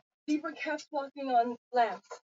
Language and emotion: English, sad